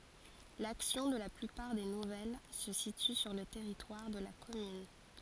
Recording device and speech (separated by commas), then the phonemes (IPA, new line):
forehead accelerometer, read sentence
laksjɔ̃ də la plypaʁ de nuvɛl sə sity syʁ lə tɛʁitwaʁ də la kɔmyn